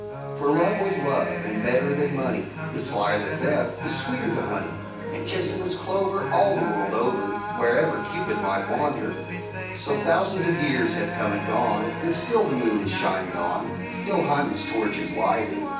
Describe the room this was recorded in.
A sizeable room.